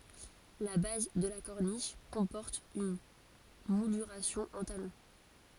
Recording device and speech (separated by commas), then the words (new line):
forehead accelerometer, read sentence
La base de la corniche comporte une mouluration en talons.